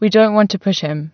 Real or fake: real